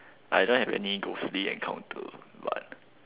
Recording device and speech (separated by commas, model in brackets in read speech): telephone, conversation in separate rooms